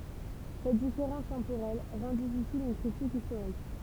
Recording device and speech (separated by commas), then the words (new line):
temple vibration pickup, read sentence
Cette différence temporelle rend difficile une critique historique.